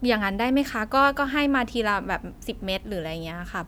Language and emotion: Thai, neutral